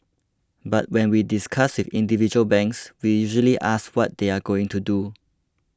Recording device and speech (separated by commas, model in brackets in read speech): close-talking microphone (WH20), read sentence